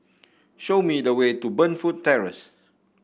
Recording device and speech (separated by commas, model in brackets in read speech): boundary microphone (BM630), read sentence